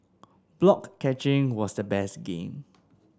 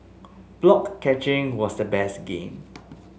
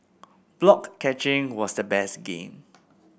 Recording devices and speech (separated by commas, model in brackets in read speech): standing microphone (AKG C214), mobile phone (Samsung S8), boundary microphone (BM630), read sentence